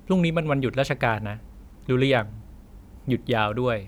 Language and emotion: Thai, neutral